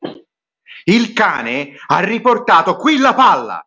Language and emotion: Italian, angry